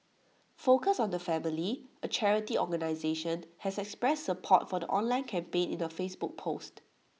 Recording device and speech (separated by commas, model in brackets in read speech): mobile phone (iPhone 6), read sentence